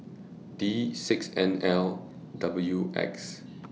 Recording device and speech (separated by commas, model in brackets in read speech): mobile phone (iPhone 6), read sentence